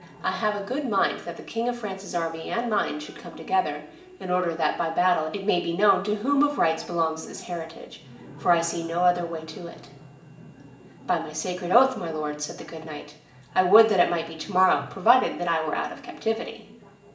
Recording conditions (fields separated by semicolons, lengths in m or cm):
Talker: one person; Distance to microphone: 1.8 m; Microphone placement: close; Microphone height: 1.0 m; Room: large; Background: television